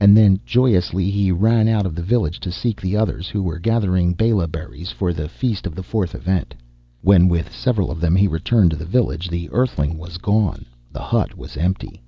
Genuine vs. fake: genuine